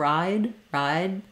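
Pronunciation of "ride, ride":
In 'ride', said on its own, the d at the end stops the air completely and the sound simply stops.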